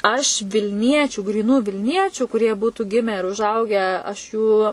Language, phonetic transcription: Lithuanian, aš vilˈniečių gryˈnų vilˈniečių kuˈrie ˈbūtu ˈgimę ir užˈaugę aš ˈjų

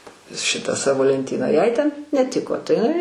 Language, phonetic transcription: Lithuanian, ˈšitą ˈsavo lenˈtyną jai ten neˈtiko tai iˈnai

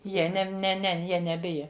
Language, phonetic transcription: Lithuanian, ˈjie ˈnem ne ˈne ˈjie neˈbija

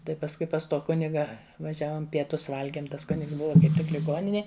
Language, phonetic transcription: Lithuanian, ˈtai pasˈkui pas ˈto ˈkuniga vaˈžiavom pieˈtus ˈvalgiem ˈtas ˈkunigs ˈbuva kaip ˈtik liˈgoninėj

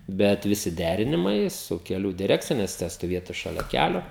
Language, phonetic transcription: Lithuanian, ˈbet viˈsi ˈdærinimai su keˈlių diˈrekcija nes te stoˈvietu šaˈlia ˈkælio

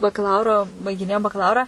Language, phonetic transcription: Lithuanian, bakaˈlauro baigiˈnėjom bakaˈlaurą

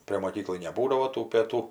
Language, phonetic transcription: Lithuanian, prė moˈkyklai neˈbūdavo tų pėˈtų

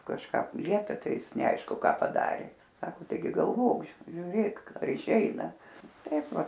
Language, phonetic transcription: Lithuanian, kažˈką ˈliepia ˈtai ˈis neˈaišku ˈką paˈdarė ˈsako taiˈgi galˈvok žiuˈrėk ar iˈšeina ˈtaip ˈva

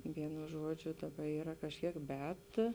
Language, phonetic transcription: Lithuanian, ˈvienu ˈžuodžiu ˈdaˌba ˈyra kažˈkiek ˈbet

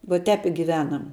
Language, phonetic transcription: Lithuanian, vo ˈtēp i giˈvenam

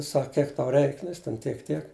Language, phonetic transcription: Lithuanian, ˈsak ˈkiek tau ˈreik ˈnu jis ten ˈtiek ˈtiek

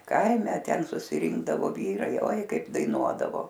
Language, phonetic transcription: Lithuanian, ˈkaime ˈten susiˈrinkdavo ˈvyrai oi ˈkaip daiˈnuodavo

